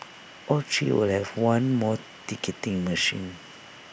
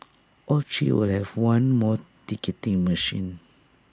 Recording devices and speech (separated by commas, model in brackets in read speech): boundary microphone (BM630), standing microphone (AKG C214), read sentence